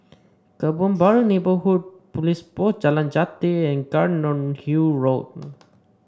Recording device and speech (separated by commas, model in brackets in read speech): standing microphone (AKG C214), read sentence